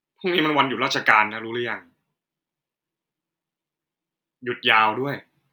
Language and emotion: Thai, frustrated